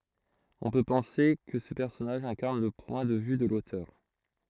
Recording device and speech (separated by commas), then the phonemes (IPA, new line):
throat microphone, read sentence
ɔ̃ pø pɑ̃se kə sə pɛʁsɔnaʒ ɛ̃kaʁn lə pwɛ̃ də vy də lotœʁ